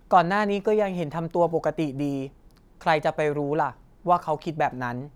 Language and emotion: Thai, neutral